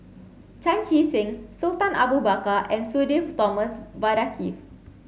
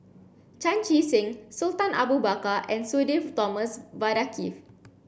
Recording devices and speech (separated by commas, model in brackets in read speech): mobile phone (Samsung C7), boundary microphone (BM630), read sentence